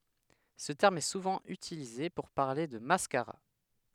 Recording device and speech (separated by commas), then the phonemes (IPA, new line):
headset microphone, read sentence
sə tɛʁm ɛ suvɑ̃ ytilize puʁ paʁle də maskaʁa